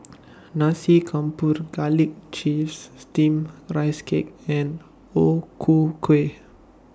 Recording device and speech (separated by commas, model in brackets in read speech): standing microphone (AKG C214), read sentence